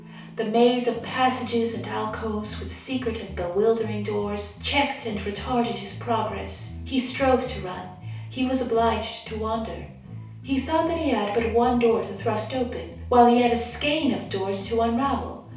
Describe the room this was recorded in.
A compact room (about 3.7 m by 2.7 m).